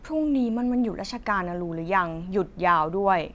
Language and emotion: Thai, frustrated